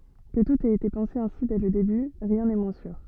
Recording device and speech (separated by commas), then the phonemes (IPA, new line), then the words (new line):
soft in-ear microphone, read sentence
kə tut ɛt ete pɑ̃se ɛ̃si dɛ lə deby ʁjɛ̃ nɛ mwɛ̃ syʁ
Que tout ait été pensé ainsi dès le début, rien n'est moins sûr.